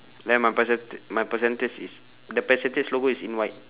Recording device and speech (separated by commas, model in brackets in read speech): telephone, conversation in separate rooms